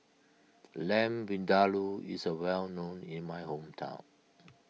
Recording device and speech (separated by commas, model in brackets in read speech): mobile phone (iPhone 6), read sentence